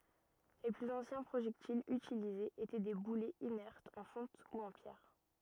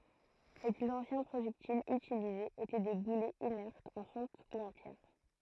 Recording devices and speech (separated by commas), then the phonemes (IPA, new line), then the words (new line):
rigid in-ear microphone, throat microphone, read sentence
le plyz ɑ̃sjɛ̃ pʁoʒɛktilz ytilizez etɛ de bulɛz inɛʁtz ɑ̃ fɔ̃t u ɑ̃ pjɛʁ
Les plus anciens projectiles utilisés étaient des boulets inertes en fonte ou en pierre.